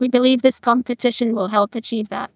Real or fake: fake